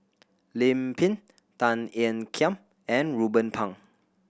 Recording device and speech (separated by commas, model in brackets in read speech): boundary microphone (BM630), read sentence